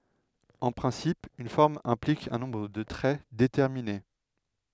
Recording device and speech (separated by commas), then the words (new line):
headset microphone, read sentence
En principe, une forme implique un nombre de traits déterminé.